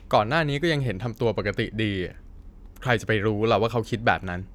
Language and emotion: Thai, frustrated